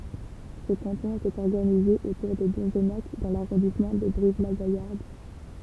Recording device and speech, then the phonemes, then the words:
temple vibration pickup, read sentence
sə kɑ̃tɔ̃ etɛt ɔʁɡanize otuʁ də dɔ̃znak dɑ̃ laʁɔ̃dismɑ̃ də bʁivlaɡajaʁd
Ce canton était organisé autour de Donzenac dans l'arrondissement de Brive-la-Gaillarde.

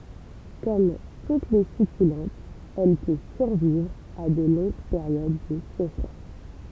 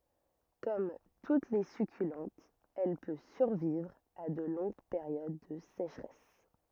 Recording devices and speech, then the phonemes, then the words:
temple vibration pickup, rigid in-ear microphone, read sentence
kɔm tut le sykylɑ̃tz ɛl pø syʁvivʁ a də lɔ̃ɡ peʁjod də seʃʁɛs
Comme toutes les succulentes, elle peut survivre à de longues périodes de sécheresse.

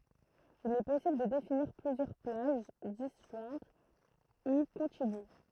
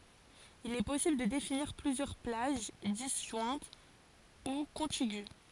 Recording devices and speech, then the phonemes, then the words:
throat microphone, forehead accelerometer, read sentence
il ɛ pɔsibl də definiʁ plyzjœʁ plaʒ dizʒwɛ̃t u kɔ̃tiɡy
Il est possible de définir plusieurs plages, disjointes ou contiguës.

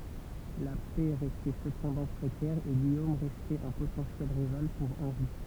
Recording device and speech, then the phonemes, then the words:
temple vibration pickup, read sentence
la pɛ ʁɛstɛ səpɑ̃dɑ̃ pʁekɛʁ e ɡijom ʁɛstɛt œ̃ potɑ̃sjɛl ʁival puʁ ɑ̃ʁi
La paix restait cependant précaire et Guillaume restait un potentiel rival pour Henri.

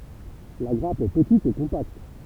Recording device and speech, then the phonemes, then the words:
temple vibration pickup, read sentence
la ɡʁap ɛ pətit e kɔ̃pakt
La grappe est petite et compacte.

